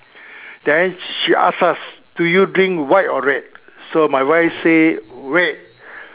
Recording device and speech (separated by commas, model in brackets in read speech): telephone, conversation in separate rooms